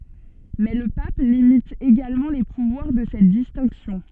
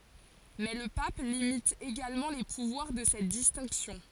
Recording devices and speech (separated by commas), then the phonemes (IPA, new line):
soft in-ear microphone, forehead accelerometer, read sentence
mɛ lə pap limit eɡalmɑ̃ le puvwaʁ də sɛt distɛ̃ksjɔ̃